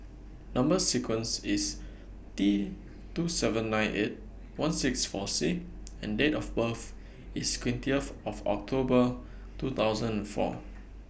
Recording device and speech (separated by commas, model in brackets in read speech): boundary microphone (BM630), read sentence